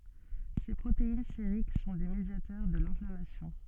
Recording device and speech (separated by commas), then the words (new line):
soft in-ear microphone, read sentence
Ces protéines sériques sont des médiateurs de l'inflammation.